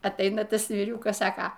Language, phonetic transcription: Lithuanian, atˈaina ˈtas vyˈriūkas ˈsaka

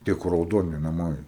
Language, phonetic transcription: Lithuanian, ˈtie kur rauˈdoni naˈmai

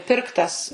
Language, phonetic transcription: Lithuanian, ˈpirktas

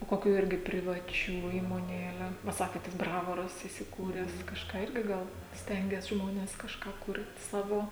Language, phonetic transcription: Lithuanian, o ˈkokių ˈirgi privaˈčių įmoˈnėle va ˈsakėt tas ˈbravoras įsiˈkūres kažˈką ˈirgi ˈgal ˈstengias ˈžmones kažˈką ˈkur't' ˈsavo

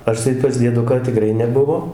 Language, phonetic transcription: Lithuanian, ˈaš tai pas dieˈduką tiˈkrai neˈbuvo

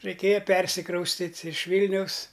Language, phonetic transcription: Lithuanian, raiˈkėja ˈpersikraustit' iš ˈvylniaus

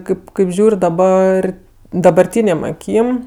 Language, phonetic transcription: Lithuanian, ˈkaip kaip ˈžiūr' daˈbar dabarˈtynėm aˈkym

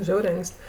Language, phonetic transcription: Lithuanian, ˈžiauriai ˈank's't'

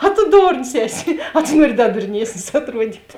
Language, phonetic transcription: Lithuanian, a tu ˈdorns ˈeˌsi a tu ˈnuori ˈda durˈniesnis atˈruodyt'

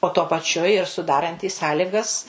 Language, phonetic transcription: Lithuanian, o tuo paˈčiu ir suˈdarantys ˈsąligas

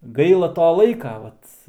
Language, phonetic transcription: Lithuanian, ˈgaila ˈto ˈlaika ˈvat

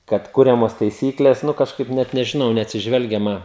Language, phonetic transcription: Lithuanian, kad ˈkuriamos taiˈsyklės ˈnu kažˈkaip ˈnet nežiˈnau neatsiˈžvelgiama

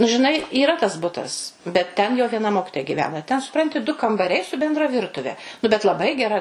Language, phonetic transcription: Lithuanian, nu žiˈnai yˈra tas ˈbutas bet ˈten jau vieˈna ˈmokitoja giˈvena ten suˈpranti du kambaˈriai su benˈdra ˈvirtuve nu bet laˈbai geˈra

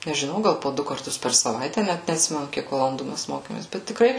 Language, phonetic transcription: Lithuanian, nežˈinau ˈgal po ˈdu karˈtus per saˈvaite ˈnæt neatˈsimenu ˈkiek valanˈdų ˈmæs ˈmokėmės bet tikˈrai

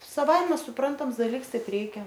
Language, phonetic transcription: Lithuanian, saˈvaime suˈprantams daˈliks ˈtaip ˈreikia

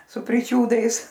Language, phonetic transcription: Lithuanian, su priˈčiūdais

